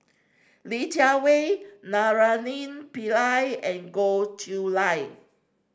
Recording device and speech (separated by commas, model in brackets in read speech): standing microphone (AKG C214), read sentence